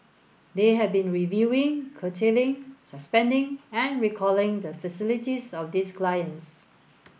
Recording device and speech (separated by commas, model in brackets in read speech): boundary microphone (BM630), read sentence